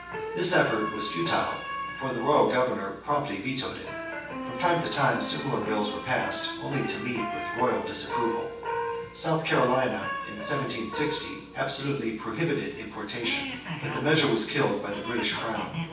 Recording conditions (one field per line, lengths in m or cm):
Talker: one person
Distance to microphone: 9.8 m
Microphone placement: far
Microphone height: 1.8 m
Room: large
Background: television